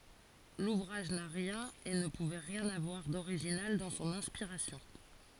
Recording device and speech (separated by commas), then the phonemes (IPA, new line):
forehead accelerometer, read sentence
luvʁaʒ na ʁjɛ̃n e nə puvɛ ʁjɛ̃n avwaʁ doʁiʒinal dɑ̃ sɔ̃n ɛ̃spiʁasjɔ̃